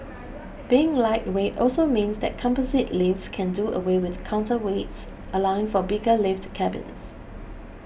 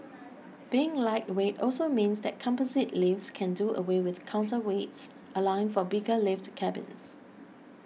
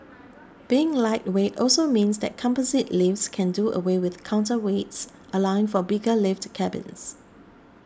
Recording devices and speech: boundary microphone (BM630), mobile phone (iPhone 6), standing microphone (AKG C214), read sentence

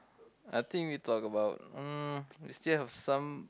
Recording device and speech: close-talking microphone, conversation in the same room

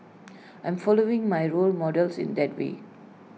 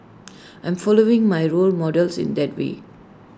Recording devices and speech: mobile phone (iPhone 6), standing microphone (AKG C214), read sentence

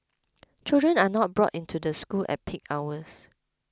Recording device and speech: close-talking microphone (WH20), read sentence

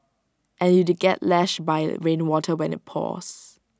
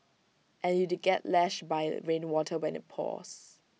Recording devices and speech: standing microphone (AKG C214), mobile phone (iPhone 6), read sentence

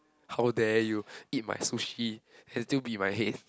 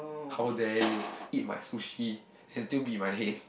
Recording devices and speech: close-talking microphone, boundary microphone, conversation in the same room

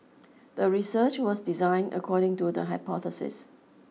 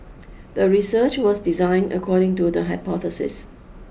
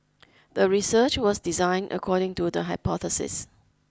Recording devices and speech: mobile phone (iPhone 6), boundary microphone (BM630), close-talking microphone (WH20), read sentence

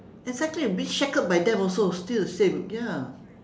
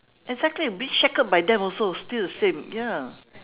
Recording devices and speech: standing microphone, telephone, conversation in separate rooms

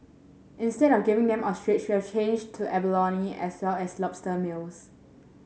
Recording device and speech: mobile phone (Samsung S8), read sentence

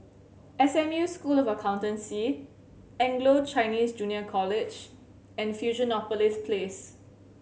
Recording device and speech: mobile phone (Samsung C7100), read sentence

